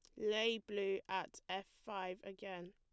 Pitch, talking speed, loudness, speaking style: 195 Hz, 140 wpm, -42 LUFS, plain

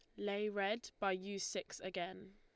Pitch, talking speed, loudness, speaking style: 195 Hz, 165 wpm, -41 LUFS, Lombard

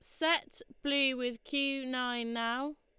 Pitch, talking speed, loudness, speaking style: 265 Hz, 140 wpm, -33 LUFS, Lombard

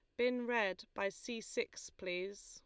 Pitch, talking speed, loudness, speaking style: 225 Hz, 160 wpm, -40 LUFS, Lombard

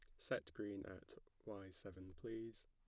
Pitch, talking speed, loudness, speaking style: 100 Hz, 145 wpm, -51 LUFS, plain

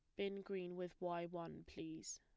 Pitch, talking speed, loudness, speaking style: 175 Hz, 185 wpm, -48 LUFS, plain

